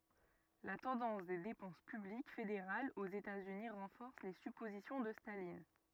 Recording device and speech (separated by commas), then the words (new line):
rigid in-ear microphone, read sentence
La tendance des dépenses publiques fédérales aux États-Unis renforce les suppositions de Staline.